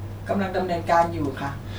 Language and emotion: Thai, neutral